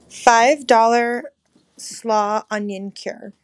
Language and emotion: English, disgusted